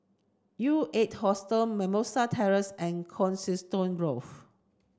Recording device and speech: standing microphone (AKG C214), read sentence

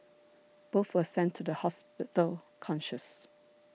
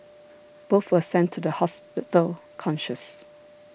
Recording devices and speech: mobile phone (iPhone 6), boundary microphone (BM630), read sentence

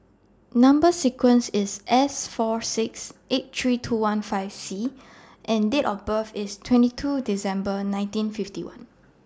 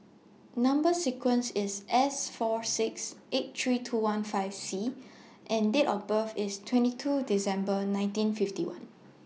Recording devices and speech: standing microphone (AKG C214), mobile phone (iPhone 6), read sentence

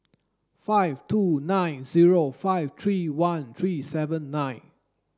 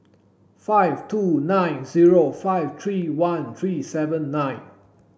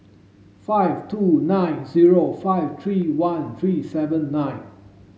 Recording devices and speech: standing microphone (AKG C214), boundary microphone (BM630), mobile phone (Samsung S8), read sentence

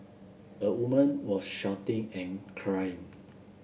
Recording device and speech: boundary microphone (BM630), read sentence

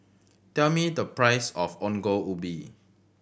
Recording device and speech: boundary microphone (BM630), read sentence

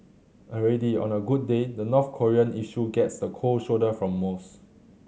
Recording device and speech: mobile phone (Samsung C7100), read sentence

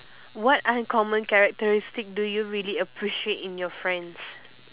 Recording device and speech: telephone, conversation in separate rooms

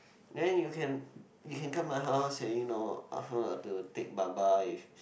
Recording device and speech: boundary microphone, conversation in the same room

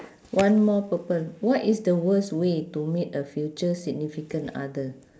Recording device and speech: standing microphone, conversation in separate rooms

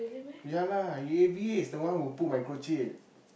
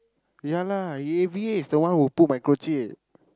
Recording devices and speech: boundary microphone, close-talking microphone, conversation in the same room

